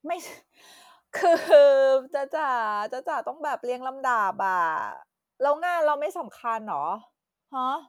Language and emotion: Thai, frustrated